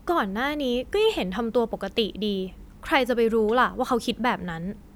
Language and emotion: Thai, frustrated